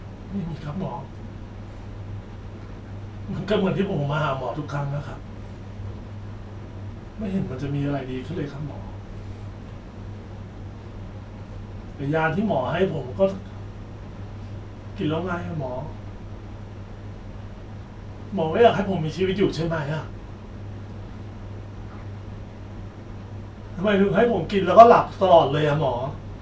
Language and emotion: Thai, sad